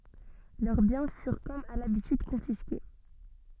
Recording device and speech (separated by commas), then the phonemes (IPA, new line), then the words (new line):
soft in-ear microphone, read sentence
lœʁ bjɛ̃ fyʁ kɔm a labityd kɔ̃fiske
Leurs biens furent comme à l'habitude confisqués.